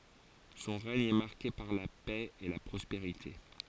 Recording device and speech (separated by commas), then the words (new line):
forehead accelerometer, read sentence
Son règne est marqué par la paix et la prospérité.